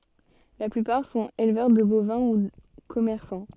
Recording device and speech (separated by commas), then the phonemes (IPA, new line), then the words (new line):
soft in-ear microphone, read sentence
la plypaʁ sɔ̃t elvœʁ də bovɛ̃ u kɔmɛʁsɑ̃
La plupart sont éleveurs de bovins ou commerçants.